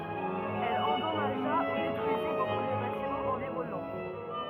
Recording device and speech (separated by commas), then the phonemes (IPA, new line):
rigid in-ear microphone, read sentence
ɛl ɑ̃dɔmaʒa u detʁyizi boku də batimɑ̃z ɑ̃viʁɔnɑ̃